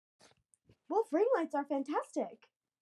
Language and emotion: English, surprised